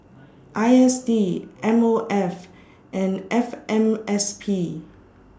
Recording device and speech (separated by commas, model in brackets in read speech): standing microphone (AKG C214), read sentence